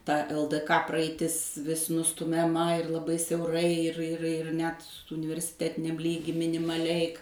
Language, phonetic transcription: Lithuanian, ta el d ka praaiˈtis vis nustumiaˈma ir laˈbai siauˈrai ir ir ir ˈnet universiˈtetiniam ˈlygy minimaˈliai

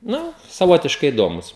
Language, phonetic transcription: Lithuanian, ˈnu saˈvotiškai iˈdomus

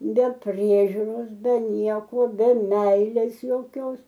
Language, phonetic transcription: Lithuanian, be ˈpriežiuros be ˈnieko be ˈmeilės jauˈkios

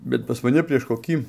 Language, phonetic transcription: Lithuanian, bet pas maˈni prieš koˈkį

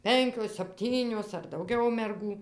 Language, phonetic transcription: Lithuanian, ˈpenkios sapˈtynios ar dauˈgiau merˈgų

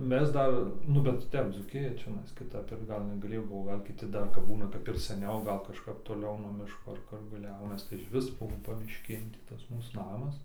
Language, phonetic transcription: Lithuanian, ˈmes ˈdar ˈnu bet ˈtep ˈdzūkija čiaˈnais kiˈtap ir ˈgal negaˈlėjo ˈbuvo ˈgal kiˈti ˈdar ˈgal negaˈlėjo ˈbuvo ˈgal kiˈti ˈdar kapˈbūna kap ir ˈsaniau ˈgal kažˈkap toˈliau nuo ˈmiško ar ˈkur gal ˈjaunas tai išˈvis ˈbuo pamišˈkėn tį ˈtas ˈmūs ˈnamas

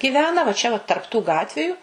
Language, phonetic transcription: Lithuanian, giˈvena va ˈčia va tarp tų ˈgatviju

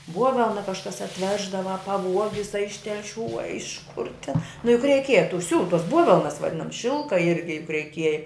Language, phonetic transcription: Lithuanian, ˈbuovelna kažˈkas atˈveždava a paˈvuogis a iš telˈšių a iš kur tin nu juk reiˈkieja tu ˈsiūlu tuos ˈbuovelnas vaˈdinams ˈšilka ˈirgi juk reiˈkieja

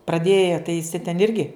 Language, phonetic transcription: Lithuanian, praˈdėje tai iˈsi ten ˈirgi

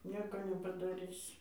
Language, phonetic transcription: Lithuanian, ˈnieko nepadaˈrisi

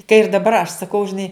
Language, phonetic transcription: Lithuanian, ka ir daˈbar aš saˈkau žiˈnai

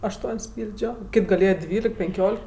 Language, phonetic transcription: Lithuanian, ašˈtuon's' ˈpyldžio ˈkit' gaˈlėja ˈdvylik penˈkiolik

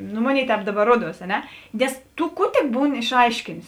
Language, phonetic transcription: Lithuanian, ˈnu ˈmoˌnėi ˈtēp ˈdaˌbar ˈruoˌduos a ˈne ˈnes ˈtu ˈkų tik ˈbūni išˈaiškėnės

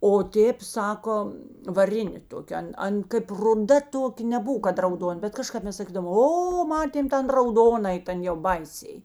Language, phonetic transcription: Lithuanian, o ˈtėp ˈsako vaˈrinė ˈtokė ˈan ˈan kaip ruˈda ˈtokė neˈbuv kad rauˈdon bet kaˈžkap ˈmes saˈkydavom ˈo ˈmatėm ˈten rauˈdonai ˈtan jau ˈbaiˌsiai

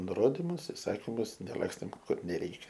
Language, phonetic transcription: Lithuanian, nuˈrodimus iˈsakimus neˈlakstėm ˈkur neˈreikia

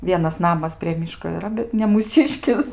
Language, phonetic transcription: Lithuanian, ˈvienas ˈnamas prie ˈmyško yˈra bet ne mūˈsiškis

